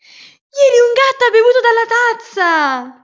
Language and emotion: Italian, happy